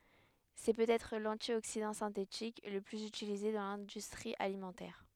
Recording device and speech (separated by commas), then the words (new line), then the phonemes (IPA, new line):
headset microphone, read sentence
C’est peut-être l’antioxydant synthétique le plus utilisé dans l’industrie alimentaire.
sɛ pøtɛtʁ lɑ̃tjoksidɑ̃ sɛ̃tetik lə plyz ytilize dɑ̃ lɛ̃dystʁi alimɑ̃tɛʁ